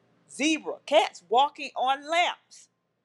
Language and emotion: English, angry